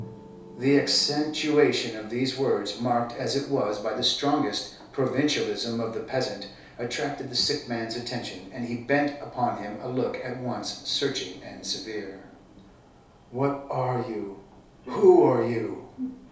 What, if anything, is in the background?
A television.